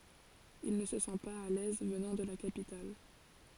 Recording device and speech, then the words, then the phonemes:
forehead accelerometer, read sentence
Il ne se sent pas à l'aise, venant de la capitale.
il nə sə sɑ̃ paz a lɛz vənɑ̃ də la kapital

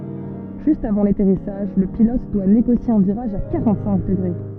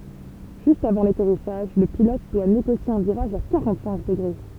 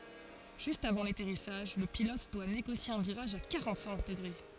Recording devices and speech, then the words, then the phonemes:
soft in-ear microphone, temple vibration pickup, forehead accelerometer, read sentence
Juste avant l'atterrissage, le pilote doit négocier un virage à quarante-cinq degrés.
ʒyst avɑ̃ latɛʁisaʒ lə pilɔt dwa neɡosje œ̃ viʁaʒ a kaʁɑ̃tsɛ̃k dəɡʁe

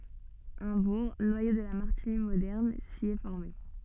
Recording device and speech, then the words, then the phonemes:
soft in-ear microphone, read sentence
Un bourg, noyau de la Martigny moderne, s'y est formé.
œ̃ buʁ nwajo də la maʁtiɲi modɛʁn si ɛ fɔʁme

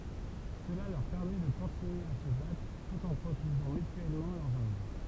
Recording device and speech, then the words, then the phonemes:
temple vibration pickup, read sentence
Cela leur permet de continuer à se battre tout en protégeant mutuellement leurs arrières.
səla lœʁ pɛʁmɛ də kɔ̃tinye a sə batʁ tut ɑ̃ pʁoteʒɑ̃ mytyɛlmɑ̃ lœʁz aʁjɛʁ

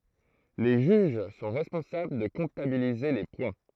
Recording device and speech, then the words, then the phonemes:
throat microphone, read sentence
Les juges sont responsables de comptabiliser les points.
le ʒyʒ sɔ̃ ʁɛspɔ̃sabl də kɔ̃tabilize le pwɛ̃

